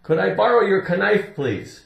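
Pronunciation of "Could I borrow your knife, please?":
'Knife' is pronounced incorrectly here.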